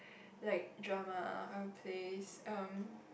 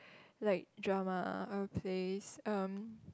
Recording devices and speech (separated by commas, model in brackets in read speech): boundary microphone, close-talking microphone, conversation in the same room